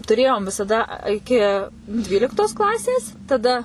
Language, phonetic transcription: Lithuanian, tuˈrėjom visaˈda a iˈki ˈdvyliktos ˈklasės taˈda

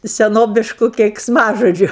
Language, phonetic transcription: Lithuanian, seˈnobišku keiksˈmažodžiu

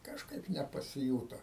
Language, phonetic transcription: Lithuanian, kažˈkaip nepasiˈjūto

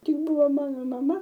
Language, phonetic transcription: Lithuanian, ˈtik ˈbuvo ˈmano maˈma

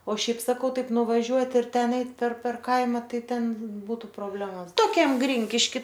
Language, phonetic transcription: Lithuanian, o ˈšiaip saˈkau ˈtaip nuvaˈžiuot' ir ˈten ˈeit per per ˈkaima ˈtai ˈten ˈbūtu proˈblemos toˈkiam ˈgrinkiški

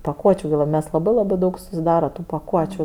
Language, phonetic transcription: Lithuanian, paˈkuočiu gi lab ˈmes laˈbai laˈbai daug susiˈdara tu paˈkuočiu

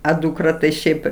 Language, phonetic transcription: Lithuanian, a dūkˈra tai ˈšiaip

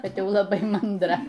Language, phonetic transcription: Lithuanian, ˈkad ˈjau laˈbai mandˈra

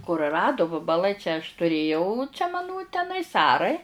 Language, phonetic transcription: Lithuanian, kuruˈradu vabaˈlai čia aš tuˈrėjau čia maˈnu teˈnais ˈarai

